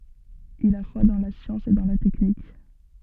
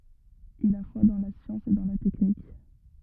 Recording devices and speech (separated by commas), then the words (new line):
soft in-ear microphone, rigid in-ear microphone, read sentence
Il a foi dans la science et dans la technique.